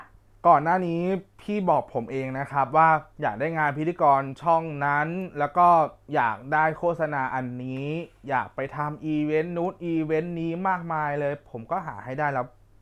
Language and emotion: Thai, frustrated